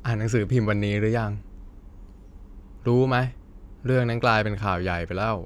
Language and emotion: Thai, frustrated